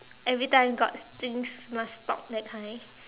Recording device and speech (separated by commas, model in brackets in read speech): telephone, conversation in separate rooms